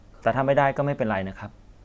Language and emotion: Thai, neutral